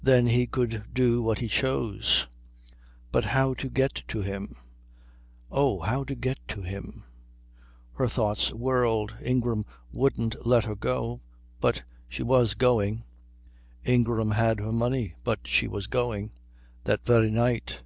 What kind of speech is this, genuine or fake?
genuine